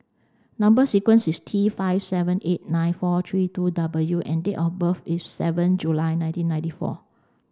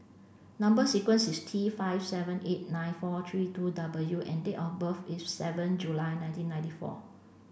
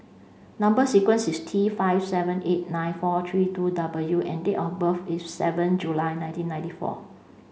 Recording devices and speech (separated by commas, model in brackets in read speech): standing microphone (AKG C214), boundary microphone (BM630), mobile phone (Samsung C5), read sentence